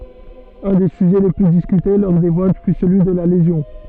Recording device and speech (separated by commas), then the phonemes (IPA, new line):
soft in-ear microphone, read sentence
œ̃ de syʒɛ le ply diskyte lɔʁ de vot fy səlyi də la lezjɔ̃